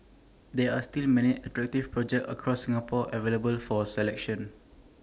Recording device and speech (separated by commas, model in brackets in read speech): standing microphone (AKG C214), read sentence